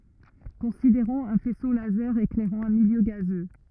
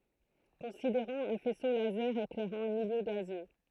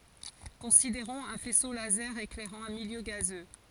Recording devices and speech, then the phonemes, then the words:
rigid in-ear microphone, throat microphone, forehead accelerometer, read sentence
kɔ̃sideʁɔ̃z œ̃ fɛso lazɛʁ eklɛʁɑ̃ œ̃ miljø ɡazø
Considérons un faisceau laser éclairant un milieu gazeux.

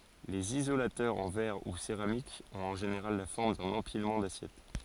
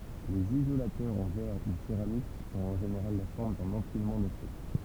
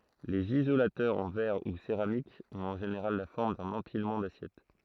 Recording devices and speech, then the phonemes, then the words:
forehead accelerometer, temple vibration pickup, throat microphone, read sentence
lez izolatœʁz ɑ̃ vɛʁ u seʁamik ɔ̃t ɑ̃ ʒeneʁal la fɔʁm dœ̃n ɑ̃pilmɑ̃ dasjɛt
Les isolateurs en verre ou céramique ont en général la forme d'un empilement d'assiettes.

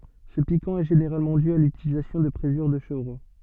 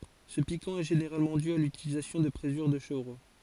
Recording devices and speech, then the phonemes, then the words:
soft in-ear microphone, forehead accelerometer, read sentence
sə pikɑ̃ ɛ ʒeneʁalmɑ̃ dy a lytilizasjɔ̃ də pʁezyʁ də ʃəvʁo
Ce piquant est généralement dû à l'utilisation de présure de chevreau.

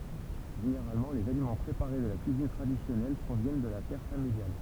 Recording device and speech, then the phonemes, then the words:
temple vibration pickup, read sentence
ʒeneʁalmɑ̃ lez alimɑ̃ pʁepaʁe də la kyizin tʁadisjɔnɛl pʁovjɛn də la tɛʁ familjal
Généralement, les aliments préparés de la cuisine traditionnelle proviennent de la terre familiale.

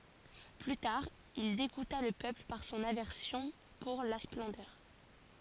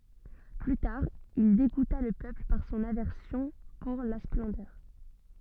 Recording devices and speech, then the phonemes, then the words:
forehead accelerometer, soft in-ear microphone, read sentence
ply taʁ il deɡuta lə pøpl paʁ sɔ̃n avɛʁsjɔ̃ puʁ la splɑ̃dœʁ
Plus tard, il dégoûta le peuple par son aversion pour la splendeur.

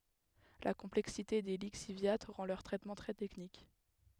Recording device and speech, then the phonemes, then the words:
headset microphone, read sentence
la kɔ̃plɛksite de liksivja ʁɑ̃ lœʁ tʁɛtmɑ̃ tʁɛ tɛknik
La complexité des lixiviats rend leur traitement très technique.

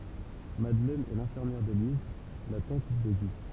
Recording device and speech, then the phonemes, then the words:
temple vibration pickup, read sentence
madlɛn ɛ lɛ̃fiʁmjɛʁ deliz la tɑ̃t də ɡi
Madeleine est l'infirmière d’Élise, la tante de Guy.

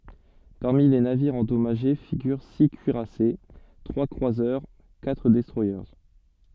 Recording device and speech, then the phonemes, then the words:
soft in-ear microphone, read sentence
paʁmi le naviʁz ɑ̃dɔmaʒe fiɡyʁ si kyiʁase tʁwa kʁwazœʁ katʁ dɛstʁwaje
Parmi les navires endommagés figurent six cuirassés, trois croiseurs, quatre destroyers.

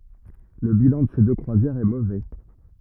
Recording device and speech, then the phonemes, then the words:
rigid in-ear microphone, read sentence
lə bilɑ̃ də se dø kʁwazjɛʁz ɛ movɛ
Le bilan de ces deux croisières est mauvais.

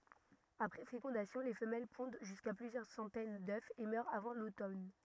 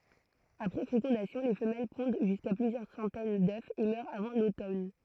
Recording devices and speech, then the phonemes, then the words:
rigid in-ear microphone, throat microphone, read sentence
apʁɛ fekɔ̃dasjɔ̃ le fəmɛl pɔ̃d ʒyska plyzjœʁ sɑ̃tɛn dø e mœʁt avɑ̃ lotɔn
Après fécondation, les femelles pondent jusqu'à plusieurs centaines d'œufs et meurent avant l'automne.

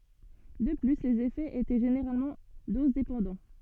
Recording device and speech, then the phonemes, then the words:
soft in-ear microphone, read sentence
də ply lez efɛz etɛ ʒeneʁalmɑ̃ dozdepɑ̃dɑ̃
De plus, les effets étaient généralement dose-dépendants.

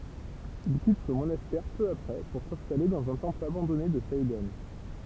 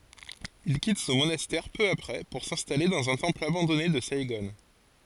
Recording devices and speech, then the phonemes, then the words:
temple vibration pickup, forehead accelerometer, read sentence
il kit sɔ̃ monastɛʁ pø apʁɛ puʁ sɛ̃stale dɑ̃z œ̃ tɑ̃pl abɑ̃dɔne də saiɡɔ̃
Il quitte son monastère peu après pour s'installer dans un temple abandonné de Saïgon.

